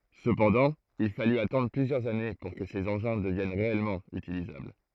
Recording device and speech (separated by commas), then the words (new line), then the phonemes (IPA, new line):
throat microphone, read sentence
Cependant il fallut attendre plusieurs années pour que ces engins deviennent réellement utilisables.
səpɑ̃dɑ̃ il faly atɑ̃dʁ plyzjœʁz ane puʁ kə sez ɑ̃ʒɛ̃ dəvjɛn ʁeɛlmɑ̃ ytilizabl